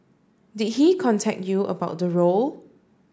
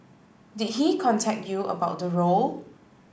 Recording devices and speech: standing microphone (AKG C214), boundary microphone (BM630), read sentence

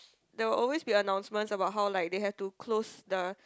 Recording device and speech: close-talking microphone, conversation in the same room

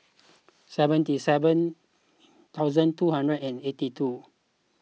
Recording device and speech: mobile phone (iPhone 6), read sentence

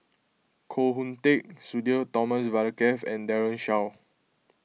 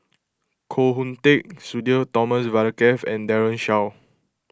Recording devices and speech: mobile phone (iPhone 6), close-talking microphone (WH20), read sentence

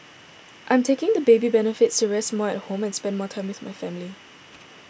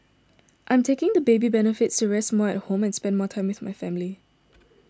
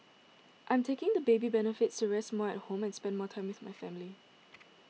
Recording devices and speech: boundary microphone (BM630), standing microphone (AKG C214), mobile phone (iPhone 6), read sentence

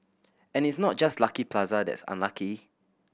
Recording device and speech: boundary microphone (BM630), read sentence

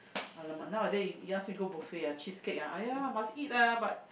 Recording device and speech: boundary microphone, conversation in the same room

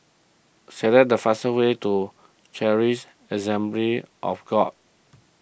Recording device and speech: boundary microphone (BM630), read sentence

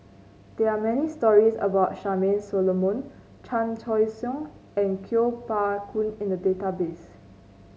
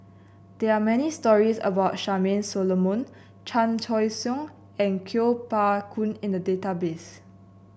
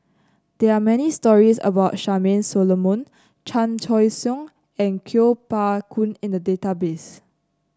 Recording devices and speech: mobile phone (Samsung C9), boundary microphone (BM630), close-talking microphone (WH30), read sentence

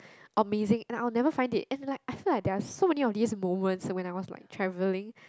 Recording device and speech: close-talking microphone, conversation in the same room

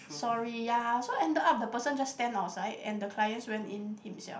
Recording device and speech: boundary microphone, conversation in the same room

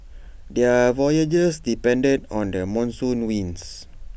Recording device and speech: boundary microphone (BM630), read sentence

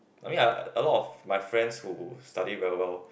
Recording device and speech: boundary microphone, conversation in the same room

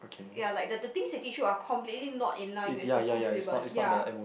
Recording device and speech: boundary microphone, conversation in the same room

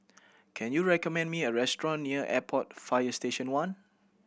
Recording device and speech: boundary microphone (BM630), read sentence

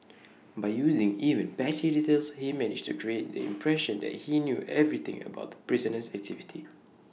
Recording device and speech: mobile phone (iPhone 6), read sentence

